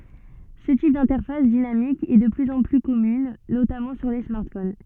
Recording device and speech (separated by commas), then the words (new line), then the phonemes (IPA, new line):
soft in-ear microphone, read sentence
Ce type d'interface dynamique est de plus en plus commune, notamment sur les smartphones.
sə tip dɛ̃tɛʁfas dinamik ɛ də plyz ɑ̃ ply kɔmyn notamɑ̃ syʁ le smaʁtfon